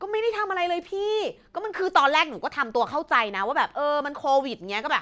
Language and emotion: Thai, frustrated